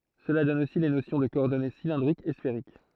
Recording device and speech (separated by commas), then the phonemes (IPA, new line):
throat microphone, read sentence
səla dɔn osi le nosjɔ̃ də kɔɔʁdɔne silɛ̃dʁikz e sfeʁik